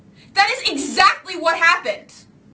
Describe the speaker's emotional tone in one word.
angry